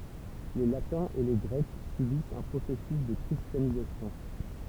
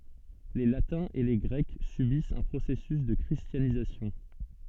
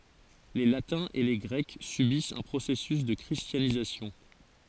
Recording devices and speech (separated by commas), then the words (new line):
temple vibration pickup, soft in-ear microphone, forehead accelerometer, read sentence
Les Latins et les Grecs subissent un processus de christianisation.